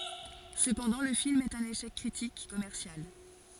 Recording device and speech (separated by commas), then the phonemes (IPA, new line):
forehead accelerometer, read sentence
səpɑ̃dɑ̃ lə film ɛt œ̃n eʃɛk kʁitik e kɔmɛʁsjal